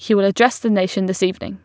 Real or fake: real